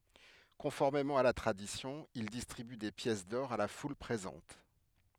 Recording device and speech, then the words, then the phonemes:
headset microphone, read sentence
Conformément à la tradition, il distribue des pièces d'or à la foule présente.
kɔ̃fɔʁmemɑ̃ a la tʁadisjɔ̃ il distʁiby de pjɛs dɔʁ a la ful pʁezɑ̃t

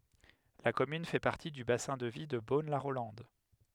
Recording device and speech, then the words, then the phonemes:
headset microphone, read sentence
La commune fait partie du bassin de vie de Beaune-la-Rolande.
la kɔmyn fɛ paʁti dy basɛ̃ də vi də bonlaʁolɑ̃d

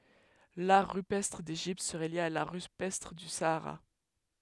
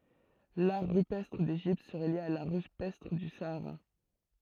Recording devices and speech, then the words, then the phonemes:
headset microphone, throat microphone, read sentence
L'art rupestre d'Égypte serait lié à l'art rupestre du Sahara.
laʁ ʁypɛstʁ deʒipt səʁɛ lje a laʁ ʁypɛstʁ dy saaʁa

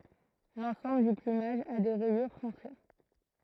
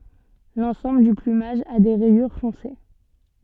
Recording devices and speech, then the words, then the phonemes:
throat microphone, soft in-ear microphone, read sentence
L’ensemble du plumage a des rayures foncées.
lɑ̃sɑ̃bl dy plymaʒ a de ʁɛjyʁ fɔ̃se

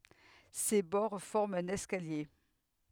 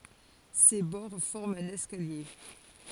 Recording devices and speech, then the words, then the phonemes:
headset microphone, forehead accelerometer, read sentence
Ses bords forment un escalier.
se bɔʁ fɔʁmt œ̃n ɛskalje

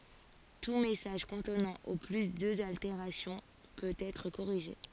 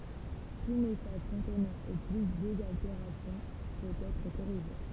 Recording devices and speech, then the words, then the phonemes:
forehead accelerometer, temple vibration pickup, read sentence
Tout message contenant au plus deux altérations peut être corrigé.
tu mɛsaʒ kɔ̃tnɑ̃ o ply døz alteʁasjɔ̃ pøt ɛtʁ koʁiʒe

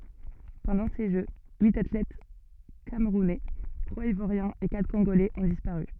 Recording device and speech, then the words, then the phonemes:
soft in-ear microphone, read sentence
Pendant ces Jeux, huit athlètes camerounais, trois ivoiriens et quatre congolais ont disparu.
pɑ̃dɑ̃ se ʒø yit atlɛt kamʁunɛ tʁwaz ivwaʁjɛ̃z e katʁ kɔ̃ɡolɛz ɔ̃ dispaʁy

